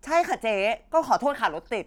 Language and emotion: Thai, frustrated